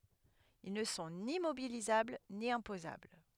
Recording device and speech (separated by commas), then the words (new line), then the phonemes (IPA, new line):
headset microphone, read sentence
Ils ne sont ni mobilisables ni imposables.
il nə sɔ̃ ni mobilizabl ni ɛ̃pozabl